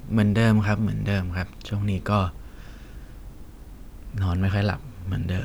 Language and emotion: Thai, sad